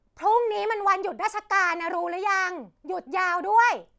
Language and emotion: Thai, angry